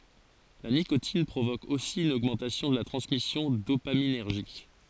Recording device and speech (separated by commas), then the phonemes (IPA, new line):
forehead accelerometer, read sentence
la nikotin pʁovok osi yn oɡmɑ̃tasjɔ̃ də la tʁɑ̃smisjɔ̃ dopaminɛʁʒik